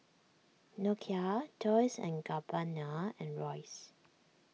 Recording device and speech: mobile phone (iPhone 6), read sentence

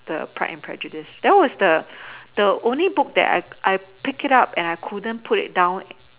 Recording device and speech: telephone, conversation in separate rooms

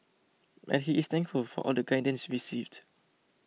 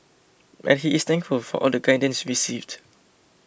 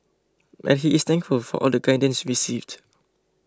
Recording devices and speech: mobile phone (iPhone 6), boundary microphone (BM630), close-talking microphone (WH20), read sentence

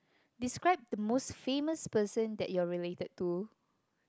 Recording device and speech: close-talking microphone, conversation in the same room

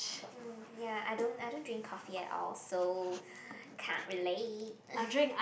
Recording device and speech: boundary microphone, conversation in the same room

